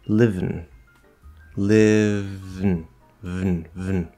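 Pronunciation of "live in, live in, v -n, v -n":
In 'live in', the vowel of 'in' is dropped, so the v runs straight into the n with no vowel between them.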